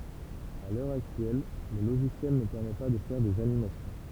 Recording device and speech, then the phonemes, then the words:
temple vibration pickup, read sentence
a lœʁ aktyɛl lə loʒisjɛl nə pɛʁmɛ pa də fɛʁ dez animasjɔ̃
À l'heure actuelle, le logiciel ne permet pas de faire des animations.

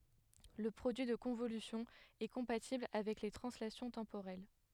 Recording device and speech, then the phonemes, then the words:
headset microphone, read sentence
lə pʁodyi də kɔ̃volysjɔ̃ ɛ kɔ̃patibl avɛk le tʁɑ̃slasjɔ̃ tɑ̃poʁɛl
Le produit de convolution est compatible avec les translations temporelles.

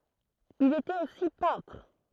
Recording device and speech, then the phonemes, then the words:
throat microphone, read sentence
il etɛt osi pɛ̃tʁ
Il était aussi peintre.

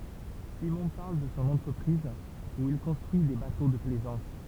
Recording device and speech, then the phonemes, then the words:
temple vibration pickup, read sentence
simɔ̃ paʁl də sɔ̃ ɑ̃tʁəpʁiz u il kɔ̃stʁyi de bato də plɛzɑ̃s
Simon parle de son entreprise, où il construit des bateaux de plaisance.

